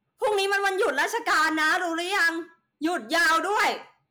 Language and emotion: Thai, angry